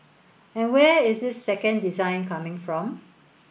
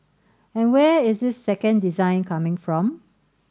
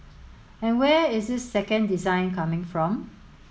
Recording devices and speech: boundary microphone (BM630), standing microphone (AKG C214), mobile phone (Samsung S8), read sentence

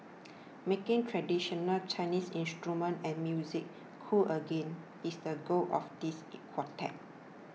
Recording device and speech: mobile phone (iPhone 6), read sentence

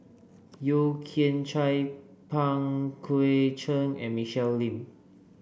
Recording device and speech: boundary microphone (BM630), read sentence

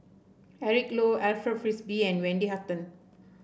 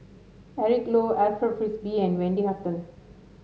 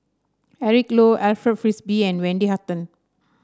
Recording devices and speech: boundary microphone (BM630), mobile phone (Samsung S8), standing microphone (AKG C214), read sentence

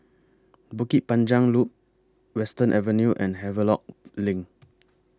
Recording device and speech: close-talking microphone (WH20), read sentence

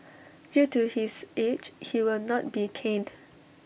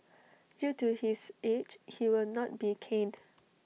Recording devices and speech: boundary microphone (BM630), mobile phone (iPhone 6), read sentence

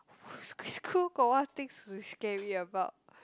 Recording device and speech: close-talking microphone, conversation in the same room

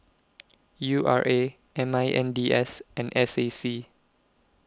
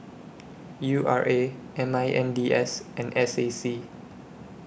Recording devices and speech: close-talking microphone (WH20), boundary microphone (BM630), read sentence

